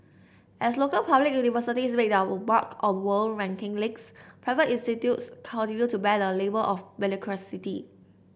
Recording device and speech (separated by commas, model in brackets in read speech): boundary microphone (BM630), read sentence